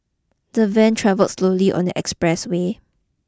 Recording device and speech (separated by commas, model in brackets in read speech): close-talking microphone (WH20), read sentence